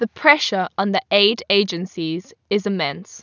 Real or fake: real